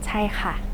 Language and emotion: Thai, neutral